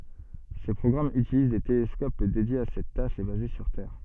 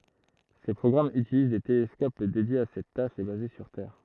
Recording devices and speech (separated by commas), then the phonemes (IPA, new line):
soft in-ear microphone, throat microphone, read sentence
se pʁɔɡʁamz ytiliz de telɛskop dedjez a sɛt taʃ e baze syʁ tɛʁ